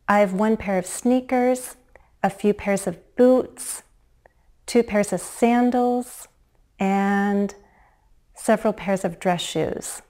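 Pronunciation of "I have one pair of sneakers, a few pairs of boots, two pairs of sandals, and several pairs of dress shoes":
The list is said with low-rise intonation, and the statement sounds more hesitant and less certain.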